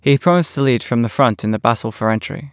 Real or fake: real